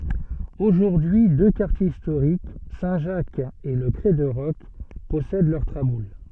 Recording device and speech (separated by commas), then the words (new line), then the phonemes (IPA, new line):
soft in-ear microphone, read sentence
Aujourd'hui deux quartiers historiques, Saint Jacques et le Crêt de Roc, possèdent leurs traboules.
oʒuʁdyi dø kaʁtjez istoʁik sɛ̃ ʒak e lə kʁɛ də ʁɔk pɔsɛd lœʁ tʁabul